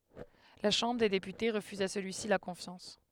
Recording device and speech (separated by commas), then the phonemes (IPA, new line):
headset microphone, read sentence
la ʃɑ̃bʁ de depyte ʁəfyz a səlyisi la kɔ̃fjɑ̃s